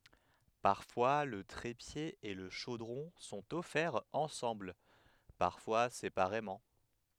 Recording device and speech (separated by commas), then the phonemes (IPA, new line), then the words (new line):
headset microphone, read sentence
paʁfwa lə tʁepje e lə ʃodʁɔ̃ sɔ̃t ɔfɛʁz ɑ̃sɑ̃bl paʁfwa sepaʁemɑ̃
Parfois le trépied et le chaudron sont offerts ensemble, parfois séparément.